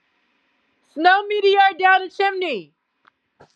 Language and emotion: English, neutral